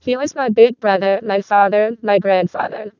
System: VC, vocoder